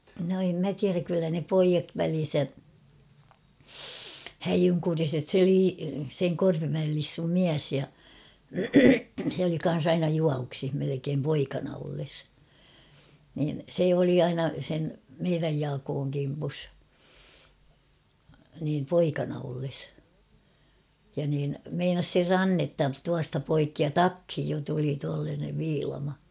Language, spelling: Finnish, no en minä tiedä kyllä ne pojat välinsä häijynkuriset se - sen Korpimäen Lissun mies ja se oli kanssa aina juovuksissa melkein poikana ollessa niin se oli aina sen meidän Jaakon kimpussa niin poikana ollessa ja niin meinasi sen rannetta tuosta poikki ja takkiin jo tuli tuollainen viilama
- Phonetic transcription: no em mä 'tiäräk kyllä ne 'poijat välin̬sä , "häjyŋkuriset se Lii- seŋ 'Korpimäel Lissum "miäs ja , sᵉ ‿oli kan̬s ‿'aina 'juavuksih melekeem 'poikana olles , niin 'se oli aina sen , 'meiräj 'Jaakooŋ kimpus , niim 'poikana olles , ja niin , meinas ser "rannetta 'tuasta poikki ja "takhij jo tuli tuallaanev 'viilama .

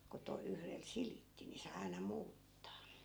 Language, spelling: Finnish, kun - yhdellä silitti niin sai aina muuttaa
- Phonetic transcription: ko 'to- , 'yhrel "silitti ni sai̮ 'ai̮na 'muuttaa .

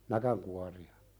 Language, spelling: Finnish, näkinkuoria
- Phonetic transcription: 'näkäŋkuari₍a .

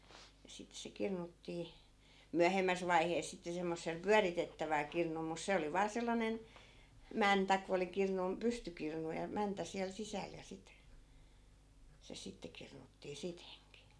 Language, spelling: Finnish, ja sitten se kirnuttiin myöhemmässä vaiheessa sitten semmoisella pyöritettävällä kirnulla mutta se oli vain sellainen mäntä kun oli - pystykirnu ja mäntä siellä sisällä ja sitten se sitten kirnuttiin sitenkin
- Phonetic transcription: ja 'sit se 'kirnuttii , 'myähemmäs vaihees 'sitte semmossel "pyäritettäväl 'kirnul mus 'se oli vaa 'sellanen , "mäntä ko oli 'kirnun- , 'pystykirnu ja 'mäntä siäl 'sisäl ja sit , 'se sitte 'kirnuttii "siteŋki .

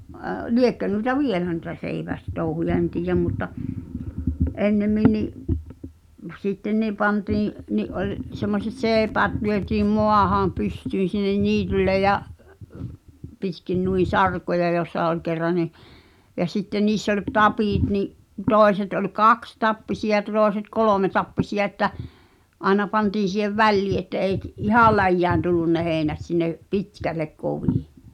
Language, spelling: Finnish, liekö noita vielä noita seivästouhuja en tiedä mutta ennemmin niin sitten niin pantiin niin oli semmoiset seipäät lyötiin maahan pystyyn sinne niitylle ja pitkin noin sarkoja jossa oli kerran niin ja sitten niissä oli tapit niin toiset oli kaksitappisia toiset kolmetappisia että aina pantiin siihen väliin että ei ihan läjään tullut ne heinät sinne pitkälle kovin
- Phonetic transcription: liekkö nuĭta "vielä nuⁱta 'seiväs'touhuja en 'tiijäm mutta , "’ennemmin ni’ , 'sitteⁿ ni 'pantiiḭ’ , ni’ '’oĺ , 'semmoset "seepäät lyötiim "moahaa̰ , 'pystyyn̬ sinnen "niitylle ja’ , pitkin nui "sarkoja jòssa ol kerra ni , ja sitteⁿ 'niiss ‿oĺ "tapìt ni’ , 'tòeset ol "kakstappisi₍a '(t)òeset "kolòmetappisi₍a että , 'àena 'pantiin̬ sìhev "vällii että eik- , 'ihàl̆ läjjään tullun ne 'heeⁱnät sinne , "pitkällek 'kovì .

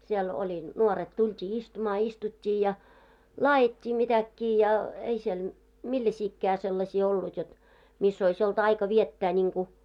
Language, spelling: Finnish, siellä oli nuoret tultiin istumaan istuttiin ja laadittiin mitäkin ja ei siellä millaisiakaan sellaisia ollut jotta missä olisi ollut aika viettää niin kuin
- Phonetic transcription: siɛl oĺi , 'nuoret tult́ii 'istumaa istut́t́ii ja , "laajit́t́ii 'mitäkkii ja , ei siel , "milläsiikkää 'sellasii ollut jot , 'miss ‿ois olt 'aika 'viettää ńiŋku ,.

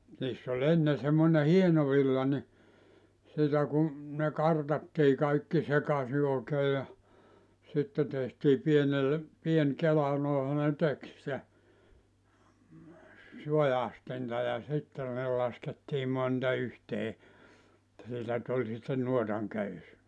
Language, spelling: Finnish, niissä oli ennen semmoinen hieno villa niin sitä kun ne kartattiin kaikki sekaisin oikein ja sitten tehtiin pienelle pieni kela noinhan ne teki sitä suastinta ja sitten ne laskettiin monta yhteen että siitä tuli sitten nuotan köysi
- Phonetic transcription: niiss ‿oĺ 'enne semmone 'hieno 'villa ni , sitä ku , ne 'kartattii kaikki 'sekasi òekee ja , 'sitte tehtii pienelle , pien "kela 'nòeha ne 'tek sⁱtä , 'sujastinta ja 'sitte ne laskettii 'monta 'yhtee , [et]tä siitä 'tuĺ sitten 'nuotaŋ 'köys .

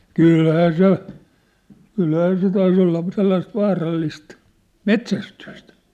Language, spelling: Finnish, kyllähän se kyllähän se taisi olla sellaista vaarallista metsästystä
- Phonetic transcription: kỳlhää 'se , 'kylhää 'se tais ‿olla , sellaist 'vaarallist , "mets̳ästyst .

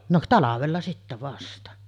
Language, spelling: Finnish, no talvella sitten vasta
- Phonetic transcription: no "talavella sittä 'vasta .

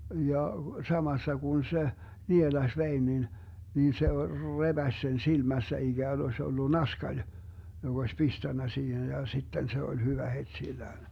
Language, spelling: Finnish, ja samassa kun se nielaisi veden niin niin se repäisi sen silmässä ikään olisi ollut naskali joka olisi pistänyt siihen ja sitten se oli hyvä heti sillään
- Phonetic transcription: 'ja , 'samassa kun se , "nielaś 'vein nin , nin se "rebäś sen 'silmässä iGään oś ollu 'naskaĺ , jo'G ‿oś "pistännä 'siihen ja 'sitten se 'oĺ 'hyvä het'sillään .

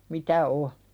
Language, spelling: Finnish, mitä on
- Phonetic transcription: mitä , o .

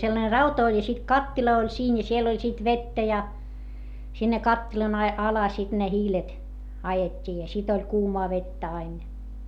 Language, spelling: Finnish, sellainen rauta oli ja sitten kattila oli siinä ja siellä oli sitten vettä ja sinne kattilan - alle sitten ne hiilet ajettiin ja sitten oli kuumaa vettä aina ja
- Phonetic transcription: sellane rauta oĺ ja sit kattila oĺ siin ja siel ‿oĺ sit vettä ja , sinne kattilan ‿ai- , ala sit ne hiilet , ajet́t́ii ja sit ‿oĺ kuumaa vettä ain ja .

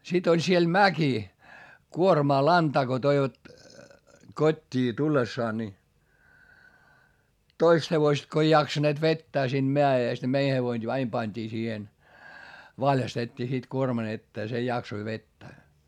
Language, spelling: Finnish, sitten oli siellä mäki kuormaa lantaa kun toivat kotiin tullessaan niin toista hevosta kun ei jaksaneet vetää siitä mäestä niin meidän hevonen aina pantiin siihen valjastettiin sitten kuorman eteen se jaksoi vetää
- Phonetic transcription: sit ‿oĺ siel mäki , kuormaa lantaa ko toivat , kot́t́ii tullessaa ni , toist hevoⁱst ko ei jaksaneet vettää siinD meä₍èst ne mei hevoin aim pańD'ii siihen , valjastet́t́ii sit kuorman ‿ettee se jaksoi vettää .

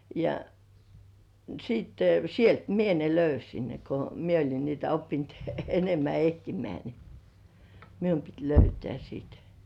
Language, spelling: Finnish, ja sitten sieltä minä ne löysin ne kun minä olin niitä oppinut enemmän etsimään niin minun piti löytää sitten
- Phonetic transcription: ja sitte sielt 'mie ne "löysin ne ko "mie oĺin niitä oppint 'enemmä "ehtimeä ni , "mium pit 'löytĕä§ sit .

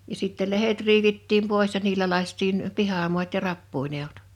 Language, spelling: Finnish, ja sitten lehdet riivittiin pois ja niillä lakaistiin pihamaat ja rappujen edut
- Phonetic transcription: ja sittɛl̆ 'lehet riivittiim 'pòes ja 'niilä 1àⁱst̆iin , 'pihamu̬at ja 'rappuin ‿èut .

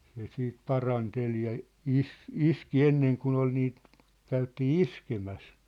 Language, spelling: Finnish, se sitten paranteli ja - iski ennen kuin oli niitä käytiin iskemässä
- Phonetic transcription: se 'siit "parantel ja , "is̀- , "iski 'enneŋ 'kun ‿ol niit , käytii "iskemäs .

